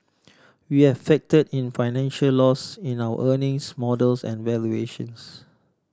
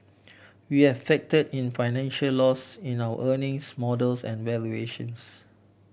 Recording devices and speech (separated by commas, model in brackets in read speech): standing microphone (AKG C214), boundary microphone (BM630), read sentence